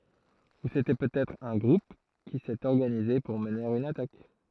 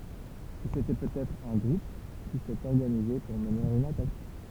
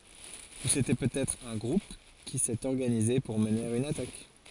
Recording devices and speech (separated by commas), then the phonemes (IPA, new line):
throat microphone, temple vibration pickup, forehead accelerometer, read sentence
u setɛ pøtɛtʁ œ̃ ɡʁup ki sɛt ɔʁɡanize puʁ məne yn atak